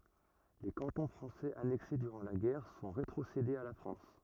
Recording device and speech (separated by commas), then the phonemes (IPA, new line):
rigid in-ear microphone, read sentence
le kɑ̃tɔ̃ fʁɑ̃sɛz anɛkse dyʁɑ̃ la ɡɛʁ sɔ̃ ʁetʁosedez a la fʁɑ̃s